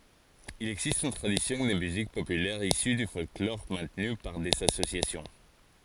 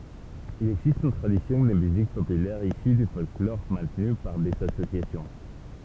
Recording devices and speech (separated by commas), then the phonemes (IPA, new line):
forehead accelerometer, temple vibration pickup, read sentence
il ɛɡzist yn tʁadisjɔ̃ də myzik popylɛʁ isy dy fɔlklɔʁ mɛ̃tny paʁ dez asosjasjɔ̃